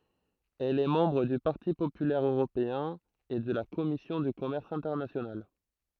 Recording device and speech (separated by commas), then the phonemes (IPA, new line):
throat microphone, read sentence
ɛl ɛ mɑ̃bʁ dy paʁti popylɛʁ øʁopeɛ̃ e də la kɔmisjɔ̃ dy kɔmɛʁs ɛ̃tɛʁnasjonal